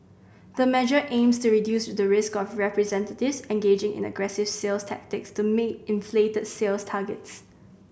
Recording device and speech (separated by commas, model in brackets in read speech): boundary microphone (BM630), read sentence